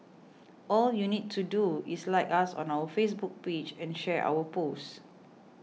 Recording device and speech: mobile phone (iPhone 6), read sentence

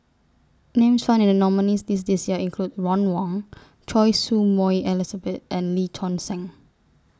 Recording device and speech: standing microphone (AKG C214), read sentence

